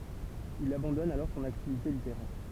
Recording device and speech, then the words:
temple vibration pickup, read sentence
Il abandonne alors son activité littéraire.

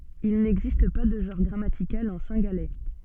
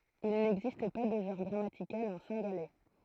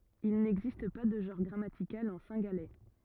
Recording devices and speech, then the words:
soft in-ear microphone, throat microphone, rigid in-ear microphone, read sentence
Il n’existe pas de genre grammatical en cingalais.

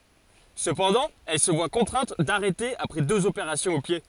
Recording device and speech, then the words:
forehead accelerometer, read sentence
Cependant, elle se voit contrainte d'arrêter après deux opérations au pied.

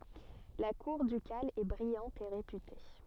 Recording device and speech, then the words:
soft in-ear microphone, read sentence
La cour ducale est brillante et réputée.

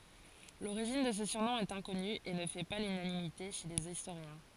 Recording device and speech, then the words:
forehead accelerometer, read sentence
L'origine de ce surnom est inconnue et ne fait pas l'unanimité chez les historiens.

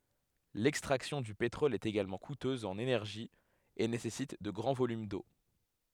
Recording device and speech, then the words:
headset microphone, read sentence
L'extraction du pétrole est également coûteuse en énergie et nécessite de grands volumes d'eau.

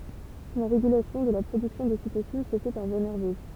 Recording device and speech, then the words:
temple vibration pickup, read sentence
La régulation de la production d'ocytocine se fait par voie nerveuse.

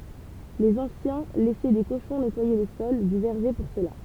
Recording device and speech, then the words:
temple vibration pickup, read sentence
Les anciens laissaient des cochons nettoyer le sol du verger pour cela.

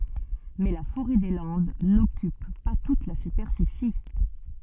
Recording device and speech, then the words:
soft in-ear microphone, read sentence
Mais la forêt des Landes n'occupe pas toute la superficie.

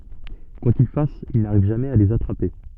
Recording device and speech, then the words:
soft in-ear microphone, read sentence
Quoi qu'il fasse, il n'arrive jamais à les attraper.

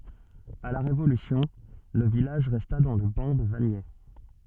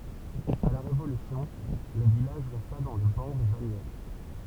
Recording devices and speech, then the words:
soft in-ear microphone, temple vibration pickup, read sentence
À la Révolution, le village resta dans le ban de Vagney.

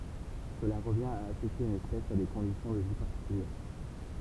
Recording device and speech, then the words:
temple vibration pickup, read sentence
Cela revient à associer une espèce à des conditions de vie particulière.

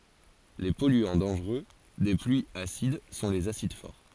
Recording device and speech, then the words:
forehead accelerometer, read sentence
Les polluants dangereux des pluies acides sont les acides forts.

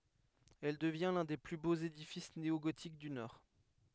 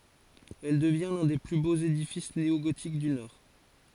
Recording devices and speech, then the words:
headset microphone, forehead accelerometer, read sentence
Elle devient l'un des plus beaux édifices néo-gothiques du Nord.

